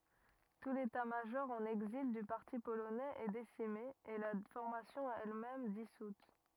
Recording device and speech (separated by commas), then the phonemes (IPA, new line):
rigid in-ear microphone, read sentence
tu letatmaʒɔʁ ɑ̃n ɛɡzil dy paʁti polonɛz ɛ desime e la fɔʁmasjɔ̃ ɛlmɛm disut